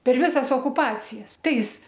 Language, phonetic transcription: Lithuanian, per ˈvisas okuˈpacijas ˈtais

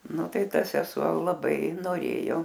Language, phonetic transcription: Lithuanian, ˈnu ˈtai ˈta seˈsuo laˈbai noˈrėjo

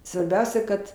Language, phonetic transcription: Lithuanian, svarˈbiausia kad

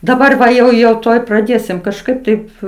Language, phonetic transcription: Lithuanian, daˈbar va jau jau ˈtuoj praˈdėsim kažˈkaip taip

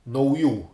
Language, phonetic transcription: Lithuanian, nauˈjų

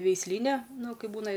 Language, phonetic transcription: Lithuanian, veisˈlyne ˈnu ˈkaip ˈbūna

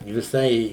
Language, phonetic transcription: Lithuanian, viˈsai

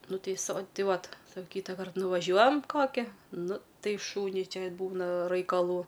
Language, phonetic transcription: Lithuanian, ˈnu ˈtai so ˈtai ˈvat sa ˈkytakart nuvaˈžiuojam ˈkoki ˈnu ˈtai ˈšūniui ˈčia ˈbūna raikaˈlų

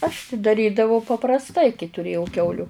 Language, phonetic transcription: Lithuanian, aš ti daˈrydavau paprasˈtai kai tuˈrėjau ˈkiauliu

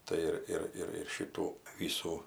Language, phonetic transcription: Lithuanian, ˈtai ir ir ir ˈšytų ˈvysų

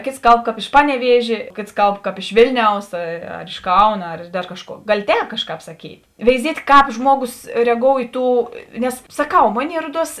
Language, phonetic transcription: Lithuanian, ˈkėts ˈkalb ˈkāp iš ˈpaneˌviežė ˈkėts ˈkalbˈkāp iš ˈvėlniaus a ar iš ˈkauna ar dar ˈkažˌkuo ˈgali ˈtēp ˈkažˌkāp saˈkyt' veiˈziet' ˈkāp ˈžmuoˌgus reˈgou i ˈtų ˈnes saˈkau ˈmoˌnėi ˈruoˌduos

